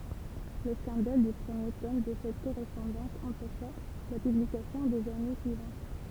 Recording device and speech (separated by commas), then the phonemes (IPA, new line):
temple vibration pickup, read sentence
lə skɑ̃dal dy pʁəmje tɔm də sɛt koʁɛspɔ̃dɑ̃s ɑ̃pɛʃa la pyblikasjɔ̃ dez ane syivɑ̃t